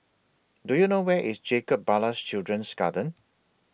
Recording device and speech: boundary microphone (BM630), read sentence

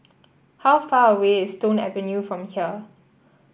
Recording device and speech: boundary microphone (BM630), read sentence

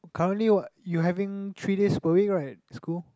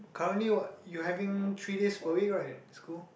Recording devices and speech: close-talking microphone, boundary microphone, conversation in the same room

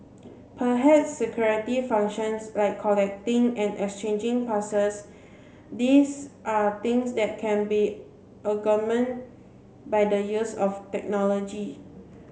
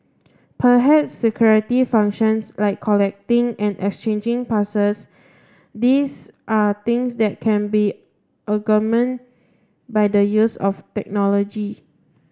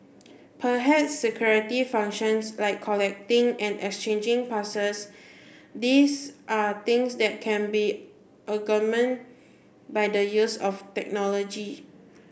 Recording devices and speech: mobile phone (Samsung C7), standing microphone (AKG C214), boundary microphone (BM630), read sentence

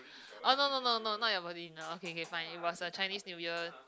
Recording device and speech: close-talking microphone, conversation in the same room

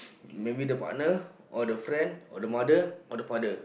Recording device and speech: boundary microphone, conversation in the same room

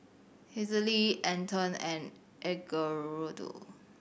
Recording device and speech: boundary microphone (BM630), read sentence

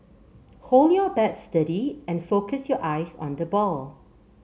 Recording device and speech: mobile phone (Samsung C7), read sentence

